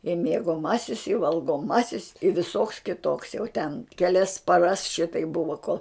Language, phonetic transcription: Lithuanian, i miegoˈmasis i valgoˈmasis i viˈsoks kiˈtoks jau ten keˈlias paˈras ˈšitaip ˈbuvo kol

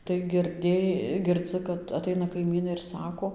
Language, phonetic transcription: Lithuanian, tai girˈdė girˈdzɨ kad aˈtaina kaiˈmynai ir ˈsako

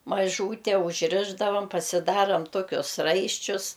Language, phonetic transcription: Lithuanian, maˈžūte užˈrišdavam pasiˈdaram ˈtokius ˈraiščius

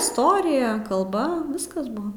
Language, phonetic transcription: Lithuanian, isˈtorija kalˈba ˈviskas ˈbuo

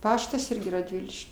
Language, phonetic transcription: Lithuanian, ˈpaštas ˈirgi radˈviliš'

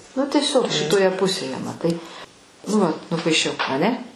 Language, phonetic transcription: Lithuanian, nu tieˈsiog šitoˈje ˈpusėje maˈtai nu ˈvat nupaiˈšiau aˈne

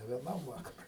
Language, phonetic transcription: Lithuanian, ne vieˈnam ˈvakarui

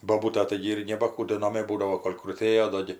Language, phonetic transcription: Lithuanian, boˈbūta ˈtaigi ir neba ˈkų do naˈmė ˈbūdavo ˈkol' kruˈtėjo ˈdo gi

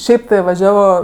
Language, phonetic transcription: Lithuanian, ˈšiaip tai vaˈžiavo

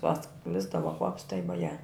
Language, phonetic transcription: Lithuanian, paˈsklisdavo kvaps tai voˈje

